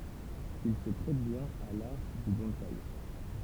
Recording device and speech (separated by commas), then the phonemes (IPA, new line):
temple vibration pickup, read sentence
il sə pʁɛt bjɛ̃n a laʁ dy bɔ̃saj